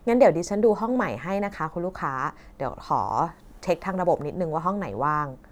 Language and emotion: Thai, neutral